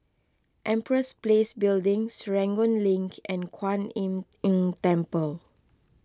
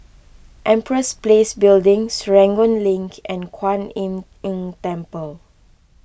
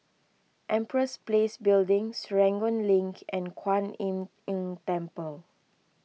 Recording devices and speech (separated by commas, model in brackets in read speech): close-talking microphone (WH20), boundary microphone (BM630), mobile phone (iPhone 6), read sentence